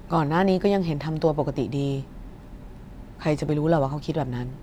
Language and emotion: Thai, neutral